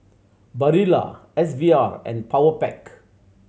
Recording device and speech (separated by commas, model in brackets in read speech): mobile phone (Samsung C7100), read sentence